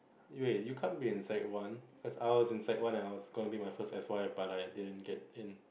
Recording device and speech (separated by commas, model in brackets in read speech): boundary microphone, conversation in the same room